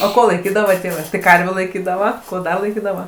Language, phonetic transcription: Lithuanian, o ˈko laiˈkydava ˈtėvɜ tai ˈkarvių laiˈkydava ˈko ˈda laiˈkydava

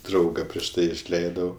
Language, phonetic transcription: Lithuanian, ˈdrauga prieš ˈtai išˈleidau

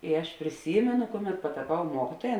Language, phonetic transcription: Lithuanian, i ˈaš priˈsymenu ˈkuˌmet pataˈpau ˈmuokituoja

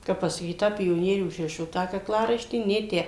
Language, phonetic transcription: Lithuanian, ˈkap pasaˈkyt ˈtą pioˈnierių užˈrišo ˈtą kakˈlaraištį ˈnė ˈtę

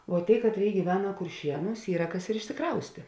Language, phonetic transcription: Lithuanian, vo ˈtėi ˈkatˌrėi gyˈvena kurˈšienūs ˈyra ˈkas ir išsiˈkraustė

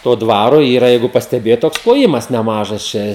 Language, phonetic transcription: Lithuanian, ˈto ˈdvaro ˈyra ˈjeigu pasteˈbėjot ˈtoks kloˈjimas neˈmažas čia

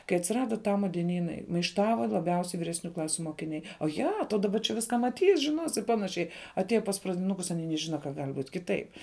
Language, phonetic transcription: Lithuanian, kai atsiˈrada ˈtama dieˈnynai maišˈtava laˈbiausiai viresˈnių ˈklasiu mokiˈniai oˈja to daˈba čia ˈviska maˈtys žiˈnos i ˈpanašiai aˈtieja pas pradiˈnukus aˈny neˈžina ka gal' būt' ˈkiˌtaip

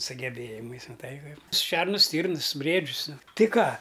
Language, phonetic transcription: Lithuanian, sugeˈbėjimais maˈtai ˈkaip ˈšernus ˈstyrnɨs ˈbriedžius ˈnu ˈtɨ ˈką

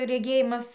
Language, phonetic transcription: Lithuanian, reˈgėjimas

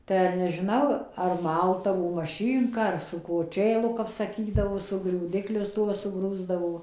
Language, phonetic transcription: Lithuanian, tai ar nežiˈnau ar ˈmaldavo maˈšynka ar su koˈčėlu kap saˈky su griūˈdiklius ˈtuo suˈgrūsdavo

